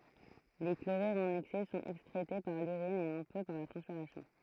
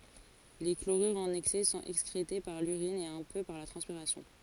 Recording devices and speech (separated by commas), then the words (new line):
throat microphone, forehead accelerometer, read sentence
Les chlorures en excès sont excrétés par l'urine et un peu par la transpiration.